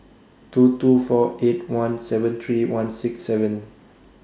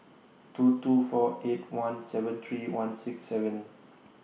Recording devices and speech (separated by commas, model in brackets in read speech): standing microphone (AKG C214), mobile phone (iPhone 6), read sentence